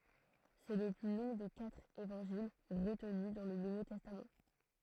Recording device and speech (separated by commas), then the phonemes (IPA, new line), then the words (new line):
throat microphone, read sentence
sɛ lə ply lɔ̃ de katʁ evɑ̃ʒil ʁətny dɑ̃ lə nuvo tɛstam
C'est le plus long des quatre Évangiles retenus dans le Nouveau Testament.